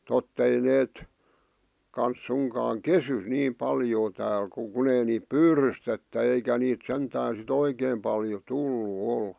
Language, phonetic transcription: Finnish, 'tott ‿ei neet , kans suŋkaaŋ "kesy niim 'paljoo tääl ku 'kun ‿ei niip "pyyrystettä 'eikä niit 'sentään sit 'oikeem paljo 'tullu 'ol .mutta "sorsii 'tää'l ‿oŋ 'kyllä .
- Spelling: totta ei ne kanssa suinkaan kesy niin paljoa täällä kun kun ei niitä pyydystetä eikä niitä sentään sitten oikein paljon tullut ole

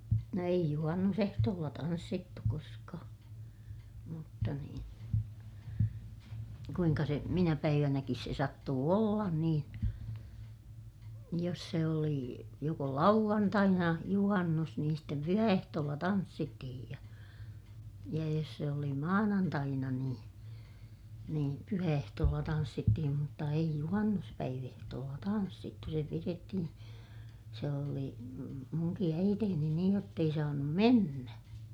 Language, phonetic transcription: Finnish, no eij juhannusehtoolla tanssittu koskaa , mutta niin , kuiŋka se , minä päivänäkis se sattuu ollan niin , jos se oli , joko lauᵛantaina , juhannus niin stem pyhä₍ehtoolla tanssittihij ja , ja jos se oli maanantaina niin , niim pyhä₍ehtoolla tanssittihim mutta eij juhannuspäiv ‿ehtoolla tanssittu se pirettihiḭ , se oli muŋki äiteeni niij jott ‿ei saanum mennä .
- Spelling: no ei juhannusehtoolla tanssittu koskaan mutta niin kuinka se minä päivänäkin se sattui olla niin jos se oli joko lauantaina juhannus niin sitten pyhäehtoolla tanssittiin ja ja jos se oli maanantaina niin niin pyhäehtoolla tanssittiin mutta ei - juhannuspäiväehtoolla tanssittu se pidettiin se oli minunkin äitini niin jotta ei saanut mennä

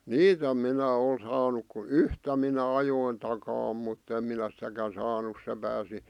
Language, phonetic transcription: Finnish, niit ‿om 'minä ol 'saanuk ku "yhtä minä 'ajoin 'takaa mutt ‿em minä sⁱtäkän saanu se pääsi ,.
- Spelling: niitä on minä ole saanut kuin yhtä minä ajoin takaa mutta en minä sitäkään saanut se pääsi

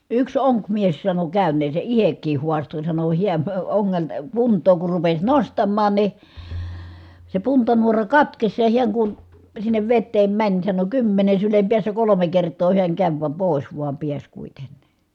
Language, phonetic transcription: Finnish, yks oŋkmies sano kä̀yn̆neese ʼihek̆kiih huasto sano hiän , oŋŋelta , punt̀oo kur rupes nostammaan ni , se puntanuora katkes ja hiäŋ kun , sinnev vetteem mäń sano kymmene sylem piässä kolome kertoo hiäŋ käv , vam pòis vuam piäs kuitenNI .
- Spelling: yksi onkimies sanoi käyneensä itsekin haastoi sanoi hän ongelta puntaa kun rupesi nostamaan niin se puntanuora katkesi ja hän kun sinne veteen meni sanoi kymmenen sylen päässä kolme kertaa hän kävi vaan pois vaan pääsi kuitenkin

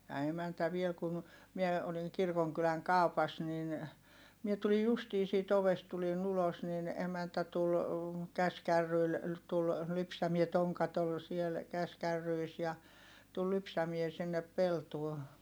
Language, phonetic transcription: Finnish, ja emäntä viel kun̬ , mie , oliŋ kirkoŋkyläŋ kàu̬pas nin , mie tulij justii siit ‿ovest tulin ‿ulos nin , emäntä tul , käskärryil , tul , lypsämie - toŋkat ‿ol siel , käskärryis ja , tul lypsämie sinnep peltuo .
- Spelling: ja emäntä vielä kun minä olin kirkonkylän kaupassa niin minä tulin justiin siitä ovesta tulin ulos niin emäntä tuli käsikärryillä tuli lypsämään tonkat oli siellä käsikärryissä ja tuli lypsämään sinne peltoon

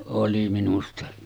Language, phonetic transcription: Finnish, oli minusta .
- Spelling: oli minusta

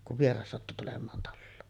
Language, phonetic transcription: Finnish, kuv 'vieras sattu tulem̆maan talloon .
- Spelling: kun vieras sattui tulemaan taloon

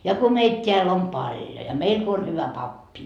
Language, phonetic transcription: Finnish, ja ko 'meit t́eäl om "paljo ja 'meil ko on hyvä 'pappi .
- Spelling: ja kun meitä täällä on paljon ja meillä kun on hyvä pappi

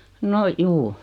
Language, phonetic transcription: Finnish, 'no , 'juu .
- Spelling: no juu

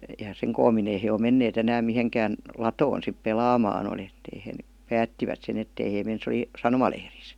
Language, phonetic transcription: Finnish, ja "seŋ koom-min ‿ei he o "mennee't ‿enääm 'miheŋkään , "latoon sip "pelaamaan (oli ettei heⁱ) , "päättivät sen 'ettei hee 'men se °li , "sanomalehris .
- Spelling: ja sen koommin ei he ole menneet enää mihinkään latoon sitten pelaamaan oli että ei he päättivät sen että ei he mene se oli sanomalehdissä

